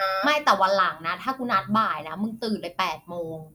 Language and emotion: Thai, frustrated